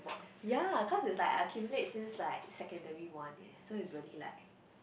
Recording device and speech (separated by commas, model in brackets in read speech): boundary microphone, conversation in the same room